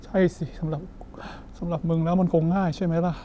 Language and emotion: Thai, sad